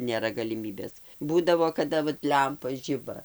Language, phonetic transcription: Lithuanian, nėˈra galiˈmybės ˈbūdavo kaˈda vat ˈlempa ˈžiba

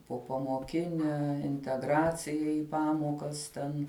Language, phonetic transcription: Lithuanian, popamoˈkine inteˈgracija i ˈpamokas ˈten

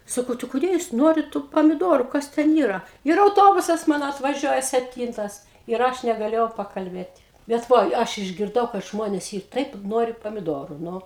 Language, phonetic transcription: Lithuanian, ˈsakau tai kuˈdė jūs ˈnuorit tų pamiˈduoru ˈkas ˈten ˈyra ir auˈtobusas ˈmano atvaˈžiuoja sepˈtyntas ir ˈaš negaˈlėjau pakalˈbėt' ˈbet ˈvoj ˈaš išgirˈdau kad ˈžmonės ˈyr ˈtaip ˈnori pamidoru ˈnu

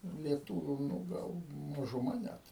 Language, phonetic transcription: Lithuanian, lieˈtūviu ˈnu ˈgal mažuˈma ˈnæt

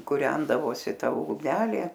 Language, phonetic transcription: Lithuanian, kuˈrendavosi ˈta ugˈnelė

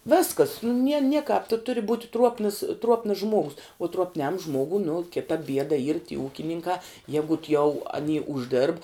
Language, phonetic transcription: Lithuanian, ˈviskas nu nie ˈniekap tu turi būt' ˈtruopnəs ˈtruopnəs ˈžmuogus u truopˈniam ˈžmuogu nu ˈkita ˈbieda yr ty ˈūkininkā ˈjegut jau aˈny užˈdėrb

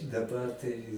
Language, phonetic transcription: Lithuanian, daˈbar tai

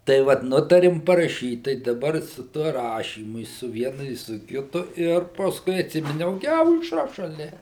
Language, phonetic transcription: Lithuanian, tai ˈvat ˈnutarim paraˈšyt tai daˈbar su ˈtuo ˈrašymu i su ˈvienu i su ˈkitu ˈir pasˈkui atˈsiminiau ˈgi aušˈra šaˈlia

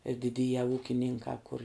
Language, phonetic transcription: Lithuanian, ir diˈdyja ˈūkininkā kur

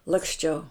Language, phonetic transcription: Lithuanian, laksˈčiau

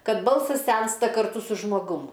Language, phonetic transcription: Lithuanian, ˈkad ˈbalsas ˈsensta karˈtu su žmoˈgum

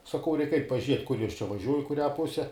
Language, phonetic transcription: Lithuanian, saˈkau ˈreik ˈait' paˈžiet' kur ˈjos čia vaˈžiuoj i kuˈrią ˈpuse

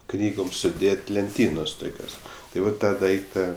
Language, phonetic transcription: Lithuanian, ˈknygom suˈdėt' lenˈtynos ˈtukios tai ˈvat ˈtą ˈdaikta

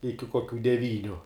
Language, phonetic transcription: Lithuanian, ˈiki koˈkių deˈvyniu

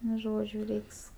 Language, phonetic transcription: Lithuanian, nu ˈžodžiu ˈreiks

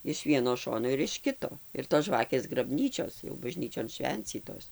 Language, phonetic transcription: Lithuanian, iš ˈvieno ˈšono ir iš ˈkito ir tos ˈžvakės graˈbnyčios jau baˈžnyčion ˈšvencytos

